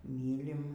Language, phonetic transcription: Lithuanian, ˈmylim

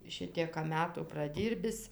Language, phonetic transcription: Lithuanian, ˈšitieka ˈmetų praˈdyrbis

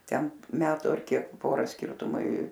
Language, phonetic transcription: Lithuanian, ˈten ˈmetu ar ˈkiek ˈpora ˈskirtumai

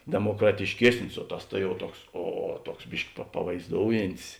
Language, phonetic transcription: Lithuanian, demokratišˈkiesnis o ˈtas ta jau ˈtuoks ˈo ˈtuoks ˈbiški pa pavaizˈdoujintis

